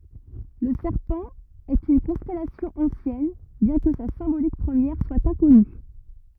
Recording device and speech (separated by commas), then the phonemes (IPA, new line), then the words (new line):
rigid in-ear microphone, read sentence
lə sɛʁpɑ̃ ɛt yn kɔ̃stɛlasjɔ̃ ɑ̃sjɛn bjɛ̃ kə sa sɛ̃bolik pʁəmjɛʁ swa ɛ̃kɔny
Le Serpent est une constellation ancienne, bien que sa symbolique première soit inconnue.